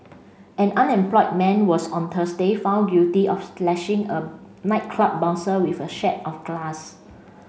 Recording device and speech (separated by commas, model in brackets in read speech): mobile phone (Samsung C5), read sentence